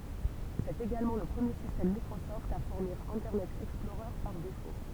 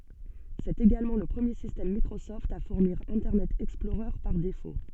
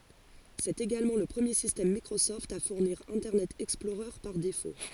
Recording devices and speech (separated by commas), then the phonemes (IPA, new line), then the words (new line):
temple vibration pickup, soft in-ear microphone, forehead accelerometer, read sentence
sɛt eɡalmɑ̃ lə pʁəmje sistɛm mikʁosɔft a fuʁniʁ ɛ̃tɛʁnɛt ɛksplɔʁœʁ paʁ defo
C'est également le premier système Microsoft à fournir Internet Explorer par défaut.